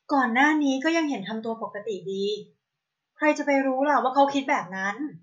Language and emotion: Thai, neutral